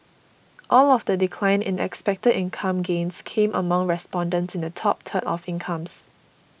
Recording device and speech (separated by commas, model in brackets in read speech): boundary microphone (BM630), read sentence